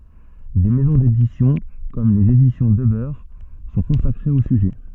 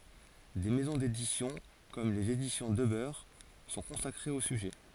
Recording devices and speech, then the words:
soft in-ear microphone, forehead accelerometer, read sentence
Des maisons d'édition, comme Les Éditions Debeur, sont consacrées au sujet.

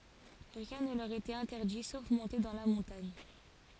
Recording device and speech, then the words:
forehead accelerometer, read sentence
Rien ne leur était interdit sauf monter dans la montagne.

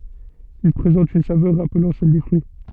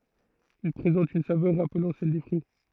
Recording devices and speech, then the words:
soft in-ear microphone, throat microphone, read sentence
Il présente une saveur rappelant celle des fruits.

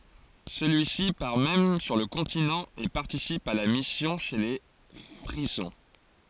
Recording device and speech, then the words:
forehead accelerometer, read sentence
Celui-ci part même sur le continent et participe à la mission chez les Frisons.

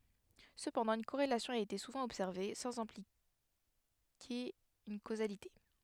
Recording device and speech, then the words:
headset microphone, read sentence
Cependant, une corrélation a été souvent observée, sans impliquer une causalité.

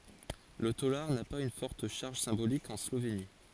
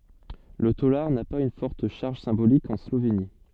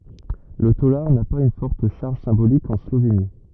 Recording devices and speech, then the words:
forehead accelerometer, soft in-ear microphone, rigid in-ear microphone, read sentence
Le tolar n'a pas une forte charge symbolique en Slovénie.

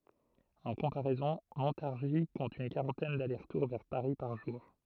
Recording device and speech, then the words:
throat microphone, read sentence
En comparaison, Montargis compte une quarantaine d’allers-retours vers Paris par jour.

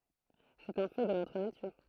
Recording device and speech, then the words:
throat microphone, read sentence
C'est un fait de notre nature.

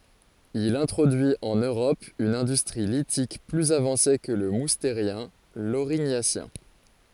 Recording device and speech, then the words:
forehead accelerometer, read sentence
Il introduit en Europe une industrie lithique plus avancée que le Moustérien, l'Aurignacien.

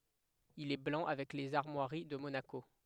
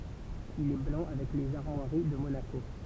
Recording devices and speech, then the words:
headset microphone, temple vibration pickup, read sentence
Il est blanc avec les armoiries de Monaco.

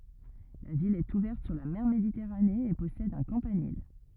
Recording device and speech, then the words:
rigid in-ear microphone, read sentence
La ville est ouverte sur la mer Méditerranée et possède un campanile.

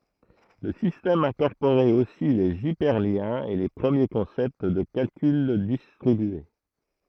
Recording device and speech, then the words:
throat microphone, read sentence
Le système incorporait aussi les hyperliens et les premiers concepts de calcul distribué.

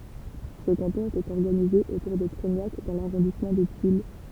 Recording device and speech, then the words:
temple vibration pickup, read sentence
Ce canton était organisé autour de Treignac dans l'arrondissement de Tulle.

